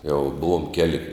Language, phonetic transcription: Lithuanian, jau ˈbuvom ˈkeli

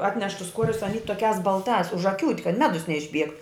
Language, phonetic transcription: Lithuanian, ˈatneš tus ˈkuorius aˈny toˈkiās balˈtās užaˈkiūt' kad ˈmedus neišˈbiegt

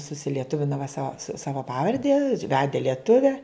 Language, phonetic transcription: Lithuanian, susilieˈtuvina va sa ˈsava ˈpavarde ˈvede lieˈtuve

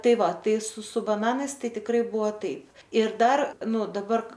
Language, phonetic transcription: Lithuanian, ˈtai ˈva ˈtai su su baˈnanais ˈtai tikˈrai ˈbuvo ˈtaip ir ˈdar ˈnu daˈbar

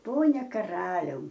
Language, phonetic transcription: Lithuanian, ˈpone kaˈraliau

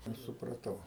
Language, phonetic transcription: Lithuanian, ˈaš supraˈtau

